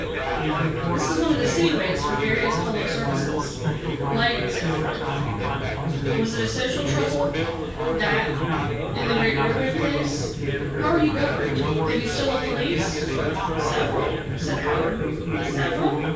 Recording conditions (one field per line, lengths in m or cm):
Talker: one person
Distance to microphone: 9.8 m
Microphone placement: far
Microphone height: 1.8 m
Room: large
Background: babble